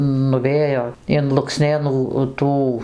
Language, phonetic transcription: Lithuanian, nuˈvėjo in lukˈsnėnų ˈtų

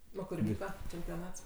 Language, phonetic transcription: Lithuanian, ˈo kur ˈvyka čempioˈnats

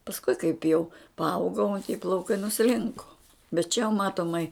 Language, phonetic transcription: Lithuanian, pasˈkui kaip jau paˈaugau ti plauˈkai nuˈslinko bet čia jau ˈmatomai

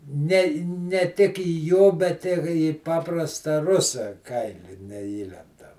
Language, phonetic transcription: Lithuanian, ˈne ne ˈtik į ˈjo bet ˈi į ˈpaprasta ˈrusa ˈkaili neˈįlendam

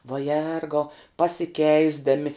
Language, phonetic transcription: Lithuanian, va ˈjergau pasiˈkeisdami

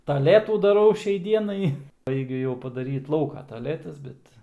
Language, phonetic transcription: Lithuanian, taˈletų daˈrau ˈšiai ˈdienai ˈbaigiu jau padaˈryt ˈlauko taˈletas ˈbet

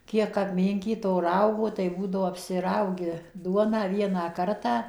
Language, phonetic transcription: Lithuanian, ˈkiek apˈminkyt to ˈraugo tai ˈbūdavo apsiˈraugi ˈduoną ˈvieną ˈkartą

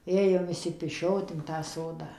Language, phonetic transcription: Lithuanian, ˈėjom išsipiˈšiot in tą ˈsodą

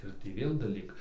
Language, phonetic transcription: Lithuanian, ir ˈtį ˈvėl daˈlyk

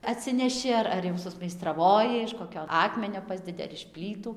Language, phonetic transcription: Lithuanian, atˈsineši ar ar jau susmeistraˈvoji iš koˈkio ˈakmenio ˈpasdedi ar iš ˈplytų

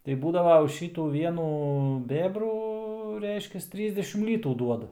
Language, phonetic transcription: Lithuanian, tai ˈbūdava už ˈšytų ˈvienų ˈbėbrų ˈreiškias ˈtrysdešim ˈlytų ˈduoda

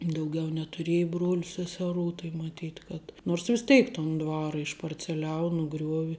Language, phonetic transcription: Lithuanian, dauˈgiau netuˈrieja ˈbruoliu seseˈrų tai maˈtyt' kad nors vis ˈteik ton ˈdvara išparceˈliau nuˈgriuovi

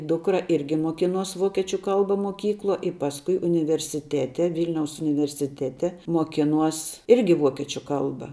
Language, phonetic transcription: Lithuanian, ˈdukra ˈirgi muoˈkinuos ˈvokiečiu ˈkalba moˈkykluo i ˈpasˌkui universiˈtete ˈvylniaus universiˈtete muoˈkinuos ˈirgi ˈvuokiečiu ˈkalba

